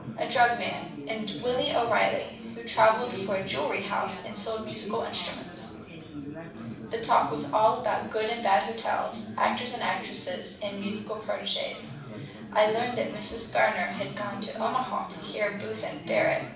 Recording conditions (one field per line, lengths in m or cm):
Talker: one person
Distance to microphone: 5.8 m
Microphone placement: far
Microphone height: 1.8 m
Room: medium-sized (5.7 m by 4.0 m)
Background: babble